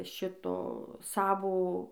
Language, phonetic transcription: Lithuanian, ˈšito ˈsavo

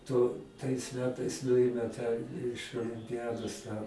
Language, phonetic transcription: Lithuanian, tu tais ˈmetais ˈnuime tą iš olimpiˈjados tą

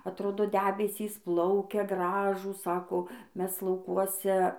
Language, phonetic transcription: Lithuanian, atˈrodo ˈdebesys ˈplaukia ˈgražūs ˈsako ˈmes lauˈkuose

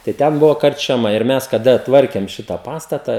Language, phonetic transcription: Lithuanian, tai ˈten ˈbuvo karčiaˈma ir ˈmes kaˈda ˈtvarkėm ˈšitą ˈpastata

